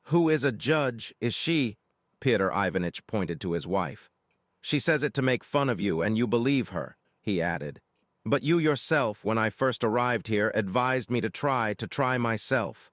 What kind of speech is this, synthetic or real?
synthetic